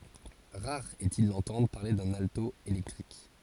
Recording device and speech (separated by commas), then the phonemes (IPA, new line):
forehead accelerometer, read sentence
ʁaʁ ɛstil dɑ̃tɑ̃dʁ paʁle dœ̃n alto elɛktʁik